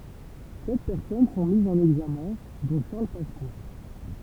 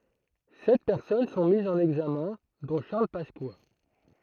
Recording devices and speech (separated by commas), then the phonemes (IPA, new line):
temple vibration pickup, throat microphone, read sentence
sɛt pɛʁsɔn sɔ̃ mizz ɑ̃n ɛɡzamɛ̃ dɔ̃ ʃaʁl paska